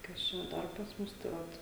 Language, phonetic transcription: Lithuanian, ˈkas čia ˈdar pas ˈmus tai ˈvat

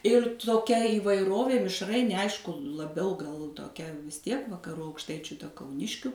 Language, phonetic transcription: Lithuanian, ir toˈkia įvaiˈrovė mišˈrainė ˈaišku laˈbiau gal toˈkia vis ˈtiek vakaˈru aukˈštaičiu ta kauˈniškiu

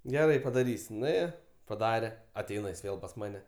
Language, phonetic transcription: Lithuanian, geˈrai padaˈrys' nuˈėjo paˈdare aˈteina jis ˈvėl pas ˈmane

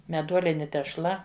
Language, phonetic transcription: Lithuanian, meˈduolini tešˈla

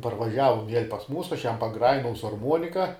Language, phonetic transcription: Lithuanian, parvaˈžiavum viel' pas ˈmūsu ˈaš ˈjam paˈgrajinau su arˈmuonika

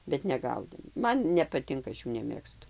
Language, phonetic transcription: Lithuanian, bet neˈgaudėm ˈman nepaˈtinka ˈaš ˈjų neˈmėgstu

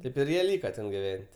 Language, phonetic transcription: Lithuanian, ˈtėp ir ˈjie ˈlyka ˈten giˈven't'

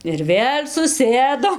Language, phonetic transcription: Lithuanian, ir ˈvėl' suˈsėdom

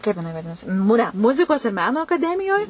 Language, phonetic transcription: Lithuanian, ˈkaip jiˈnai vaˈdinasi mue ˈmuzikos ir ˈmeno akaˈdemijoj

